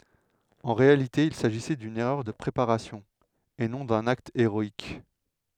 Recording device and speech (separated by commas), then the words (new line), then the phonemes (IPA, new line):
headset microphone, read sentence
En réalité il s’agissait d’une erreur de préparation et non d’un acte héroïque.
ɑ̃ ʁealite il saʒisɛ dyn ɛʁœʁ də pʁepaʁasjɔ̃ e nɔ̃ dœ̃n akt eʁɔik